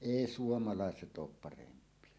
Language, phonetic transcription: Finnish, èi "suomaláeset 'oop 'paremp̀ie .
- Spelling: ei suomalaiset ole parempia

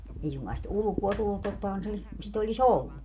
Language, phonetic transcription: Finnish, 'ei suŋkaa sit "ulᵘkuo 'tullut tottahan se , sit ‿oĺi"s ‿ollu .
- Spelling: ei suinkaan sitä ulkoa tullut tottahan se sitä olisi ollut

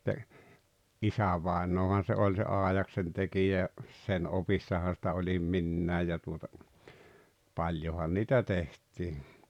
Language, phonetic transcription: Finnish, [et]tä , "’isävàenoohan se 'oĺ se "aaᵉjaksentekijä ja , 'sen 'opissaha sⁱtä oĺim "minnää ja tuota , 'paĺjohan niitä 'teht̀ii .
- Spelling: että isävainajahan se oli se aidaksentekijä ja sen opissahan sitä olin minäkin ja tuota paljonhan niitä tehtiin

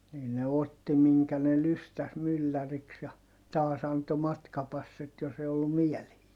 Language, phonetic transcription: Finnish, nii ne otti miŋkä ne lystäs mylläriks ja , taas ‿anto matkapassit jos ‿e ollum miɛlehii .
- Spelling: niin ne otti minkä ne lystäsi mylläriksi ja taas antoi matkapassit jos ei ollut mieleisiä

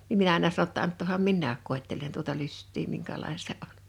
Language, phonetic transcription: Finnish, nim 'minä àena sano ‿tta » 'anttòham "minnääk 'kòettelen tuota 'lyst̆tii 'miŋkälàe(ne) se ’oɴ « .
- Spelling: niin minä aina sanoin jotta antakaahan minäkin koettelen tuota lystiä minkälainen se on

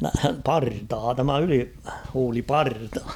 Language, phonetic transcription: Finnish, nää- 'partaa tämä 'yli-,-huuli"parta .
- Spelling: - partaa tämä ylihuuliparta

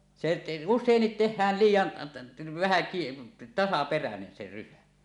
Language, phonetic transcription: Finnish, se , "us̆sèinnit 'teh̆hään̳ 'liij̆jan , vähä kie- , 'tasaperänen se 'rysä .
- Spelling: se usein tehdään liian vähän - tasaperäinen se rysä

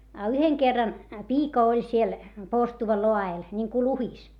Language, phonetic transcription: Finnish, a yheŋ kerran , piika oĺ siel , porstuva loa₍el , ńiŋku luhis .
- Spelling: a yhden kerran piika oli siellä porstuan laella niin kuin luhdissa

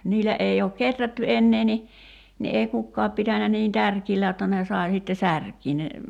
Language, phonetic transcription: Finnish, 'niil̆lä '’ei ook "keträtty 'ennee ni , ni ei 'kukkaap pitänä niin "tärkiillä jotta ne 'sài sitte "särkii ne ,.
- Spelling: niillä ei ole kehrätty enää niin niin ei kukaan pitänyt niin tärkeällä jotta ne sai sitten särkeä ne

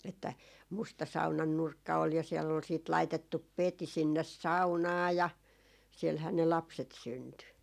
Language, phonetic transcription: Finnish, että 'musta "saunan 'nurkka ol ja siɛll ‿ol siit laitettup "peti 'sinnes "saunaa ja , 'sielhää ne 'lapset 'synty .
- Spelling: että musta saunan nurkka oli ja siellä oli sitten laitettu peti sinne saunaan ja siellähän ne lapset syntyi

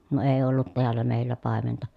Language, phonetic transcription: Finnish, ne ee ollut teällä mèillä pàementa .
- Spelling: ne ei ollut täällä meillä paimenta

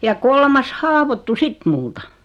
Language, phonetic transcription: Finnish, ja 'ko- , ja 'kolmas "haavottu 'sit multa .
- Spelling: ja - ja kolmas haavoittui sitten minulta

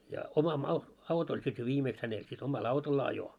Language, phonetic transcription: Finnish, ja oma "mau- , 'aut ‿oĺ sit jo 'viimeeks hänel sit oma"l ‿autol'l ‿ajo .
- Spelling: ja oma - auto oli sitten jo viimeksi hänellä sitten omalla autolla ajoi

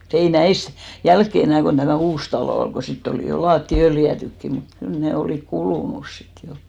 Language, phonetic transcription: Finnish, mut ‿ei 'näis , 'jälkke enä̀ kon 'tämä̀ "uus 'talò ol ɢo 'sitt ‿olì jo 'laatti 'öljä̀tykki ni , mut kyl 'ne 'olìk "kulùnus sit jo .
- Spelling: mutta ei näissä jälkeen enää kun tämä uusi talo oli kun sitten oli jo lattiat öljytytkin niin mutta kyllä ne olivat kulunut sitten jo

